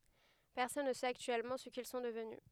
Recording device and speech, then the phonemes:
headset microphone, read sentence
pɛʁsɔn nə sɛt aktyɛlmɑ̃ sə kil sɔ̃ dəvny

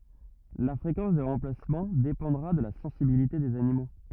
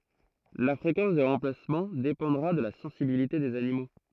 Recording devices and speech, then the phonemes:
rigid in-ear microphone, throat microphone, read sentence
la fʁekɑ̃s de ʁɑ̃plasmɑ̃ depɑ̃dʁa də la sɑ̃sibilite dez animo

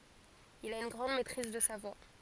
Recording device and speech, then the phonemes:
forehead accelerometer, read sentence
il a yn ɡʁɑ̃d mɛtʁiz də sa vwa

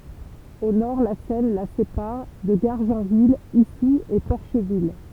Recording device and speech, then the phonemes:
temple vibration pickup, read sentence
o nɔʁ la sɛn la sepaʁ də ɡaʁʒɑ̃vil isu e pɔʁʃvil

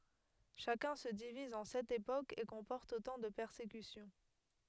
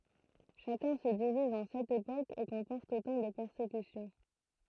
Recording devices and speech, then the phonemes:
headset microphone, throat microphone, read sentence
ʃakœ̃ sə diviz ɑ̃ sɛt epokz e kɔ̃pɔʁt otɑ̃ də pɛʁsekysjɔ̃

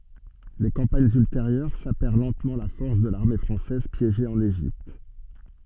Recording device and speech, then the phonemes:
soft in-ear microphone, read sentence
le kɑ̃paɲz ylteʁjœʁ sapɛʁ lɑ̃tmɑ̃ la fɔʁs də laʁme fʁɑ̃sɛz pjeʒe ɑ̃n eʒipt

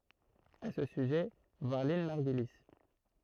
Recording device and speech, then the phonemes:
throat microphone, read sentence
a sə syʒɛ vwaʁ lɛ̃n maʁɡyli

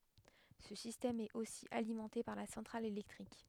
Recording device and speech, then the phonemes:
headset microphone, read sentence
sə sistɛm ɛt osi alimɑ̃te paʁ la sɑ̃tʁal elɛktʁik

